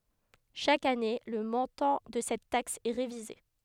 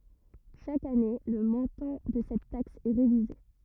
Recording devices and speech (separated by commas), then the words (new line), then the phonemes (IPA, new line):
headset microphone, rigid in-ear microphone, read sentence
Chaque année, le montant de cette taxe est révisé.
ʃak ane lə mɔ̃tɑ̃ də sɛt taks ɛ ʁevize